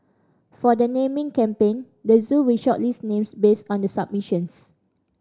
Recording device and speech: standing microphone (AKG C214), read sentence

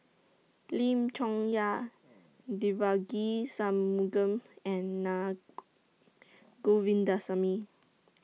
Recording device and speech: mobile phone (iPhone 6), read sentence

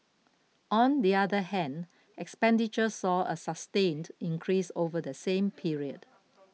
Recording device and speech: mobile phone (iPhone 6), read sentence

